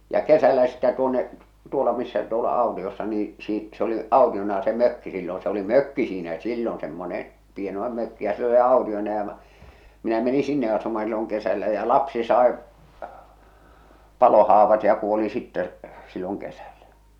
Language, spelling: Finnish, ja kesällä sitten tuonne tuolla missä tuolla autiossa niin - se oli autiona se mökki silloin se oli mökki siinä silloin semmoinen pienoinen mökki ja se oli autiona ja - - minä menin sinne asumaan silloin kesällä ja lapsi sai palohaavat ja kuoli sitten silloin kesällä
- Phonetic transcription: ja "kesällä sittä tuonne , 'tuola missä tuola "àu̬tiossa nii , sii- s ‿oli 'àutiona se 'mökki silloo̰ se ‿oli "mökki 'siinä "sillon semmone , 'pienoⁿᵉm mökki ja se oli 'aotiona ja mᵃ - , minä meni 'sinne asuma silloŋ kesällä jä "lapsi sàe , 'palohaavat ja 'kuoli 'sittɛ , silloŋ 'kesällä .

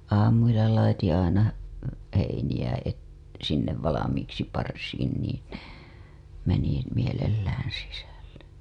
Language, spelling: Finnish, aamuilla laitettiin aina heiniä - sinne valmiiksi parsiin niin ne meni mielellään sisälle
- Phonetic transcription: 'aamuilla laitiḭ aina , 'heiniʲä et- , sinnev 'valamiiksi parsiin niin ne , meni , 'mielelläää̰ sisälle .

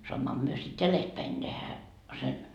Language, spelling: Finnish, saammehan me sitten jäljestäpäin tehdä sen
- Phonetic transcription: 'soammoham myö sit "jälestpäin tehä , sen . »

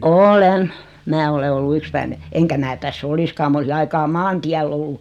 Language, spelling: Finnish, olen minä olen ollut yksipäinen enkä minä tässä olisikaan minä olisin aikaa maantiellä ollut
- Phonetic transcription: oo"lem , 'mää ole ollu "ykspäine , 'eŋkä mää täs's ‿oliskaa 'm ‿olisi 'aikaa "maantiäll ‿ollu .

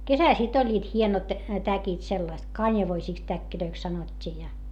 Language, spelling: Finnish, kesällä sitten olivat hienot täkit sellaiset kanjavoisiksi täkeiksi sanottiin ja
- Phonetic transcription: kesäl sit ‿oĺĺiit hienot , täkit sellast , kańjavoisìks täkkilöiks sanot́t́ii ja .

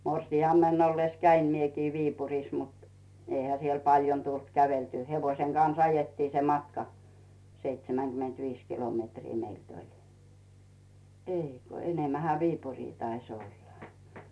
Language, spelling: Finnish, morsiamena ollessa kävin minäkin Viipurissa mutta eihän siellä paljon tullut käveltyä hevosen kanssa ajettiin se matka seitsemänkymmentäviisi kilometriä meiltä oli ei kun enemmänhän Viipuriin taisi olla
- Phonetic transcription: 'morsi₍ammenn ‿oiies 'käim miekii 'Viipur̀is mut , 'eihä siel 'paljon tult käveltyy , 'hevoⁱseŋ Gans 'ajettii se "matka , 'seitsemäŋGymentviis "kilometrii 'meilt ‿oĺ , "èiko , "enemmähä 'Viipurii tais ‿olla .

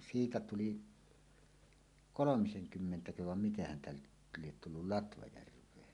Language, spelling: Finnish, siitä tuli kolmisenkymmentäköhän vai miten häntä nyt lie tullut Latvajärveen
- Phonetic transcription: 'siitä 'tuli , "kolomiseŋ'kymmentäköhäv vam 'miten häntä nyt liet tullul "Latvajärv̀een .

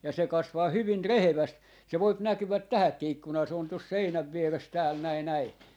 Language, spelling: Finnish, ja se kasvaa hyvin rehevästi se voi näkyä tähänkin ikkunaan se on tuossa seinän vieressä täällä näin näin
- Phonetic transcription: ja se 'kasvaa 'hyvin "reheväst , se voip 'näkyväk "tähäkki 'ikkunaa , se on tos 'seinäv 'vieres tääl 'näi 'näi .

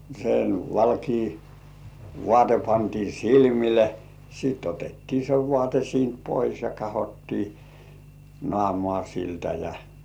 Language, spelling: Finnish, sen valkea vaate pantiin silmille sitten otettiin se vaate siitä pois ja katsottiin naamaa siltä ja
- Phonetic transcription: sen , 'valkii , "vŏàte pantii "silmile , sit otettii se "vŏ§àte siint 'pois ja 'kahottii , "nŏàmŏà siltä ja .

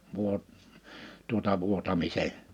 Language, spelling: Finnish, - tuota vuotamisen
- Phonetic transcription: vuot- , tuota 'vuotamise ,.

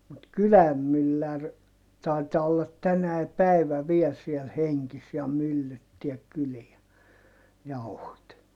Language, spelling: Finnish, mutta kylän mylläri taitaa olla tänä päivänä vielä siellä hengissä ja myllyttääkin kyliä jauhot
- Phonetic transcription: mut kyläm myllär , tai̮taa ollat tänäi päivä viɛl siel heŋkis ja myllyttiäk kyliä , jauhot .

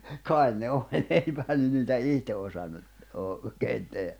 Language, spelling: Finnish, kai ne oli eipähän ne niitä itse osannut - oikein tehdä
- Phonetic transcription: 'kài̬n ne 'òĺ 'eipähän ne niitä "ihte osannu , oo- , -keen 'tehä .

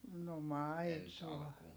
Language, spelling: Finnish, no maitoa
- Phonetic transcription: no maitoa .

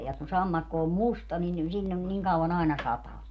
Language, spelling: Finnish, ja kun sammakko on musta niin silloin niin kauan aina sataa
- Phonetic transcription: ja kun 'sammakko om "musta nin 'siĺĺon 'niŋ kau₍an ‿aina 'sataa .

